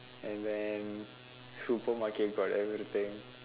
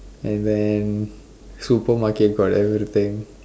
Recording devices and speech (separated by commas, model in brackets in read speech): telephone, standing microphone, conversation in separate rooms